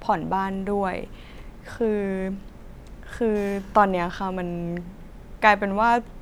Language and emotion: Thai, sad